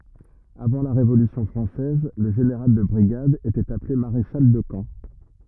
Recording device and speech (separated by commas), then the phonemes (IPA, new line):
rigid in-ear microphone, read sentence
avɑ̃ la ʁevolysjɔ̃ fʁɑ̃sɛz lə ʒeneʁal də bʁiɡad etɛt aple maʁeʃal də kɑ̃